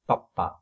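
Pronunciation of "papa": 'Papa' is said the way it would be said in French, not the English way.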